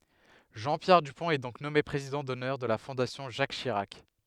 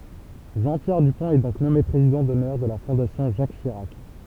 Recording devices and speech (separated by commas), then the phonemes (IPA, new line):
headset microphone, temple vibration pickup, read sentence
ʒɑ̃ pjɛʁ dypɔ̃t ɛ dɔ̃k nɔme pʁezidɑ̃ dɔnœʁ də la fɔ̃dasjɔ̃ ʒak ʃiʁak